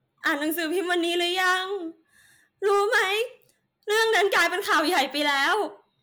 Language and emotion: Thai, sad